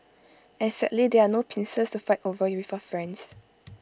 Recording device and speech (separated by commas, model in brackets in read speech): close-talking microphone (WH20), read sentence